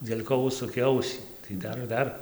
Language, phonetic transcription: Lithuanian, dėl' ˈko ˈužsukė ˈausį tai ˈdar ˈdar

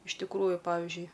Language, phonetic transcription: Lithuanian, iš tikˈrųju ˈpavižiui

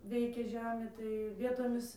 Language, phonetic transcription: Lithuanian, ˈveikė ˈžemė tai ˈvietomis

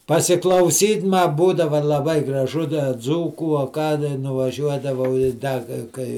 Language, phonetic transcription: Lithuanian, pasiklauˈsyt' ma ˈbūdava laˈbai graˈžu da ˈdzūkų a ˈką da nuvaˈžiuodavau i ˈda ga ˈkai

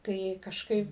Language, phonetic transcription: Lithuanian, tai kažˈkaip

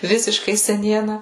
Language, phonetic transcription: Lithuanian, ˈvisiškai seˈniena

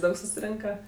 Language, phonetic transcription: Lithuanian, ˈdaug susiˈrinka

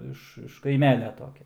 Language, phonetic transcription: Lithuanian, ˈiš iš kaiˈmelia ˈtokia

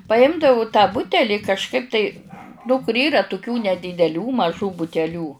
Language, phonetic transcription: Lithuanian, paˈimdavu tą ˈbuteli kažˈkaip tai nu kur ˈyra tuˈkių nedydeˈlių maˈžų buteˈlių

